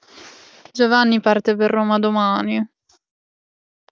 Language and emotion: Italian, sad